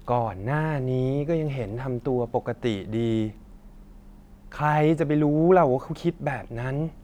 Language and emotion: Thai, frustrated